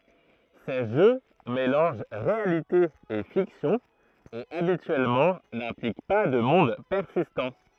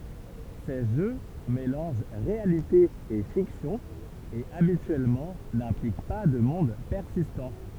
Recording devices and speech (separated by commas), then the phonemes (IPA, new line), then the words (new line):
throat microphone, temple vibration pickup, read sentence
se ʒø melɑ̃ʒ ʁealite e fiksjɔ̃ e abityɛlmɑ̃ nɛ̃plik pa də mɔ̃d pɛʁsistɑ̃
Ces jeux mélangent réalité et fiction et habituellement n'impliquent pas de monde persistant.